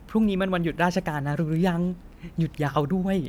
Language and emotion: Thai, happy